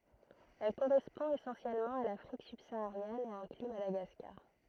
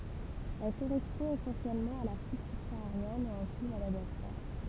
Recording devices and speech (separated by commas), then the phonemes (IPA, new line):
throat microphone, temple vibration pickup, read sentence
ɛl koʁɛspɔ̃ esɑ̃sjɛlmɑ̃ a lafʁik sybsaaʁjɛn e ɛ̃kly madaɡaskaʁ